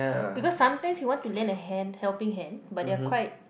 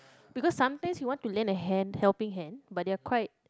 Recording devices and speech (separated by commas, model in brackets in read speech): boundary microphone, close-talking microphone, conversation in the same room